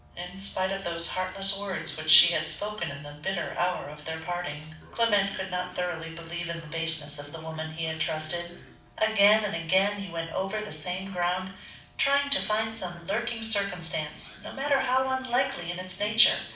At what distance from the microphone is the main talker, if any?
5.8 m.